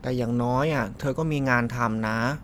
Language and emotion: Thai, frustrated